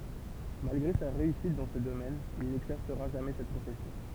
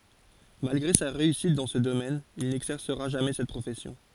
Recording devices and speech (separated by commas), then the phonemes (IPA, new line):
temple vibration pickup, forehead accelerometer, read sentence
malɡʁe sa ʁeysit dɑ̃ sə domɛn il nɛɡzɛʁsəʁa ʒamɛ sɛt pʁofɛsjɔ̃